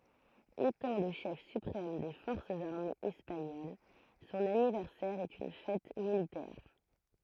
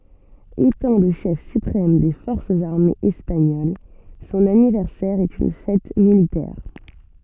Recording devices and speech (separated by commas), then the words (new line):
throat microphone, soft in-ear microphone, read sentence
Étant le chef suprême des forces armées espagnoles, son anniversaire est une fête militaire.